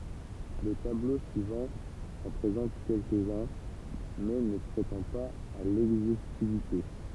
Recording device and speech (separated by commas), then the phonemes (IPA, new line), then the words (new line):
temple vibration pickup, read sentence
lə tablo syivɑ̃ ɑ̃ pʁezɑ̃t kɛlkəzœ̃ mɛ nə pʁetɑ̃ paz a lɛɡzostivite
Le tableau suivant en présente quelques-uns, mais ne prétend pas à l'exhaustivité.